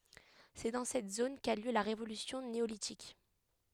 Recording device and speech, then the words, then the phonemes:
headset microphone, read sentence
C'est dans cette zone qu'a eu lieu la révolution néolithique.
sɛ dɑ̃ sɛt zon ka y ljø la ʁevolysjɔ̃ neolitik

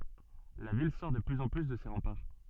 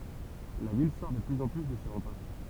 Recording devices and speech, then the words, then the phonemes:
soft in-ear microphone, temple vibration pickup, read sentence
La ville sort de plus en plus de ses remparts.
la vil sɔʁ də plyz ɑ̃ ply də se ʁɑ̃paʁ

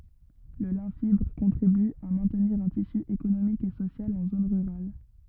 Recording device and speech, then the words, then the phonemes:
rigid in-ear microphone, read sentence
Le lin fibre contribue à maintenir un tissu économique et social en zones rurales.
lə lɛ̃ fibʁ kɔ̃tʁiby a mɛ̃tniʁ œ̃ tisy ekonomik e sosjal ɑ̃ zon ʁyʁal

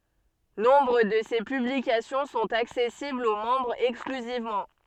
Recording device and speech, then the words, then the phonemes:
soft in-ear microphone, read sentence
Nombre de ces publications sont accessibles aux membres exclusivement.
nɔ̃bʁ də se pyblikasjɔ̃ sɔ̃t aksɛsiblz o mɑ̃bʁz ɛksklyzivmɑ̃

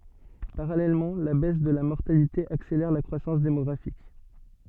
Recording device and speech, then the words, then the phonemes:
soft in-ear microphone, read sentence
Parallèlement, la baisse de la mortalité accélère la croissance démographique.
paʁalɛlmɑ̃ la bɛs də la mɔʁtalite akselɛʁ la kʁwasɑ̃s demɔɡʁafik

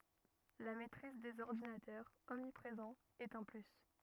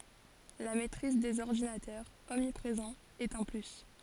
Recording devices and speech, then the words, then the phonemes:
rigid in-ear microphone, forehead accelerometer, read sentence
La maitrise des ordinateurs, omniprésents, est un plus.
la mɛtʁiz dez ɔʁdinatœʁz ɔmnipʁezɑ̃z ɛt œ̃ ply

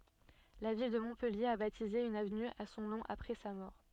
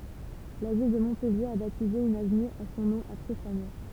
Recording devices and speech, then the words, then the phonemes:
soft in-ear microphone, temple vibration pickup, read sentence
La ville de Montpellier a baptisé une avenue à son nom après sa mort.
la vil də mɔ̃pɛlje a batize yn avny a sɔ̃ nɔ̃ apʁɛ sa mɔʁ

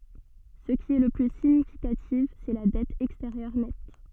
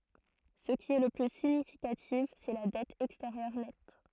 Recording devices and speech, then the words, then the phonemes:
soft in-ear microphone, throat microphone, read sentence
Ce qui est le plus significatif, c'est la dette extérieure nette.
sə ki ɛ lə ply siɲifikatif sɛ la dɛt ɛksteʁjœʁ nɛt

